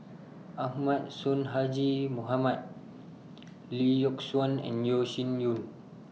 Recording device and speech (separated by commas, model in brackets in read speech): mobile phone (iPhone 6), read sentence